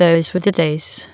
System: TTS, waveform concatenation